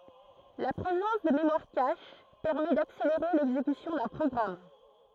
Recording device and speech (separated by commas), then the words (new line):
throat microphone, read sentence
La présence de mémoire cache permet d'accélérer l'exécution d'un programme.